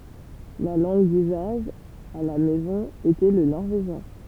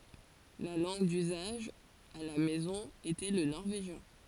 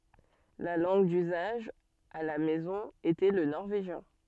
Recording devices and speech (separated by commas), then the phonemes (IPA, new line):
temple vibration pickup, forehead accelerometer, soft in-ear microphone, read sentence
la lɑ̃ɡ dyzaʒ a la mɛzɔ̃ etɛ lə nɔʁveʒjɛ̃